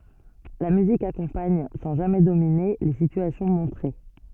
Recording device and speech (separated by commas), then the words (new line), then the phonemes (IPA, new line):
soft in-ear microphone, read sentence
La musique accompagne, sans jamais dominer, les situations montrées.
la myzik akɔ̃paɲ sɑ̃ ʒamɛ domine le sityasjɔ̃ mɔ̃tʁe